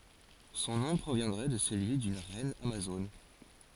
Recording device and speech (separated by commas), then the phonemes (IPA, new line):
forehead accelerometer, read sentence
sɔ̃ nɔ̃ pʁovjɛ̃dʁɛ də səlyi dyn ʁɛn amazon